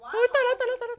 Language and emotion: Thai, happy